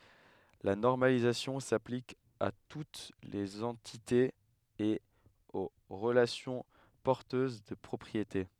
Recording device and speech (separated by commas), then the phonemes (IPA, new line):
headset microphone, read sentence
la nɔʁmalizasjɔ̃ saplik a tut lez ɑ̃titez e o ʁəlasjɔ̃ pɔʁtøz də pʁɔpʁiete